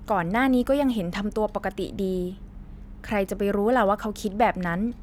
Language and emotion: Thai, neutral